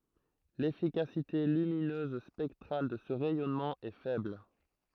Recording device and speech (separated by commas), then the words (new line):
throat microphone, read sentence
L'efficacité lumineuse spectrale de ce rayonnement est faible.